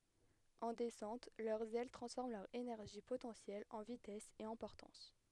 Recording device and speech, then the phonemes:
headset microphone, read sentence
ɑ̃ dɛsɑ̃t lœʁz ɛl tʁɑ̃sfɔʁm lœʁ enɛʁʒi potɑ̃sjɛl ɑ̃ vitɛs e ɑ̃ pɔʁtɑ̃s

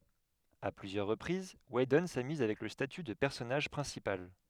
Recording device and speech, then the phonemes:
headset microphone, read sentence
a plyzjœʁ ʁəpʁiz widɔn samyz avɛk lə staty də pɛʁsɔnaʒ pʁɛ̃sipal

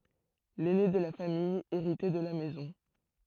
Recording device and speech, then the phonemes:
throat microphone, read sentence
lɛne də la famij eʁitɛ də la mɛzɔ̃

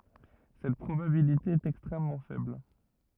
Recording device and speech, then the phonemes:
rigid in-ear microphone, read sentence
sɛt pʁobabilite ɛt ɛkstʁɛmmɑ̃ fɛbl

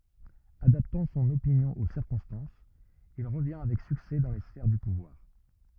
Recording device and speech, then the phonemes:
rigid in-ear microphone, read sentence
adaptɑ̃ sɔ̃n opinjɔ̃ o siʁkɔ̃stɑ̃sz il ʁəvjɛ̃ avɛk syksɛ dɑ̃ le sfɛʁ dy puvwaʁ

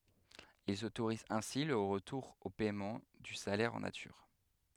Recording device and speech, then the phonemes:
headset microphone, read sentence
ilz otoʁizt ɛ̃si lə ʁətuʁ o pɛmɑ̃ dy salɛʁ ɑ̃ natyʁ

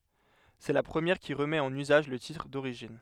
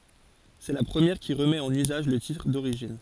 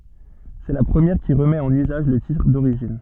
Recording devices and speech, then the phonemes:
headset microphone, forehead accelerometer, soft in-ear microphone, read sentence
sɛ la pʁəmjɛʁ ki ʁəmɛt ɑ̃n yzaʒ lə titʁ doʁiʒin

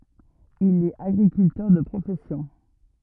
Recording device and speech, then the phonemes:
rigid in-ear microphone, read sentence
il ɛt aɡʁikyltœʁ də pʁofɛsjɔ̃

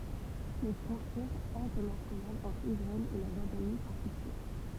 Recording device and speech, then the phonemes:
temple vibration pickup, read sentence
le fʁɔ̃tjɛʁz ɛ̃tɛʁnasjonalz ɑ̃tʁ isʁaɛl e la ʒɔʁdani sɔ̃ fikse

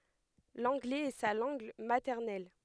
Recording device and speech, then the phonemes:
headset microphone, read sentence
lɑ̃ɡlɛz ɛ sa lɑ̃ɡ matɛʁnɛl

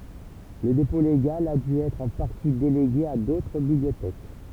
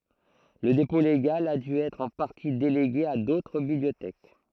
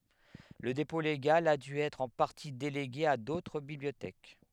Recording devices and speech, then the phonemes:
temple vibration pickup, throat microphone, headset microphone, read sentence
lə depɔ̃ leɡal a dy ɛtʁ ɑ̃ paʁti deleɡe a dotʁ bibliotɛk

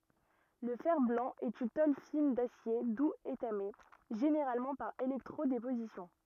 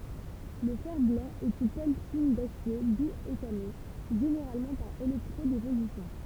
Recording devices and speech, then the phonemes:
rigid in-ear microphone, temple vibration pickup, read sentence
lə fɛʁ blɑ̃ ɛt yn tol fin dasje duz etame ʒeneʁalmɑ̃ paʁ elɛktʁo depozisjɔ̃

